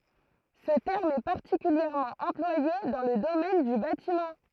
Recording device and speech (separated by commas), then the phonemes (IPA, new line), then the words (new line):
throat microphone, read sentence
sə tɛʁm ɛ paʁtikyljɛʁmɑ̃ ɑ̃plwaje dɑ̃ lə domɛn dy batimɑ̃
Ce terme est particulièrement employé dans le domaine du bâtiment.